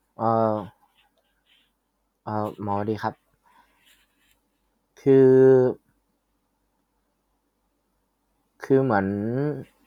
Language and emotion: Thai, frustrated